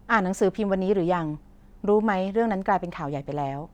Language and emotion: Thai, neutral